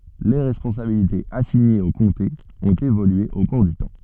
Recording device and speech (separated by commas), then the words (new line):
soft in-ear microphone, read sentence
Les responsabilités assignées aux comtés ont évolué au cours du temps.